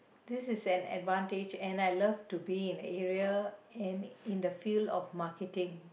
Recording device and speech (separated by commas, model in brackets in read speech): boundary microphone, conversation in the same room